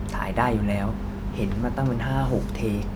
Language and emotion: Thai, frustrated